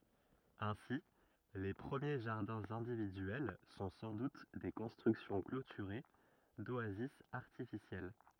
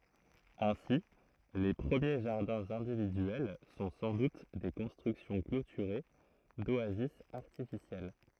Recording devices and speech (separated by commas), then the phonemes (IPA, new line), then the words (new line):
rigid in-ear microphone, throat microphone, read sentence
ɛ̃si le pʁəmje ʒaʁdɛ̃z ɛ̃dividyɛl sɔ̃ sɑ̃ dut de kɔ̃stʁyksjɔ̃ klotyʁe doazis aʁtifisjɛl
Ainsi, les premiers jardins individuels sont sans doute des constructions clôturées, d'oasis artificielles.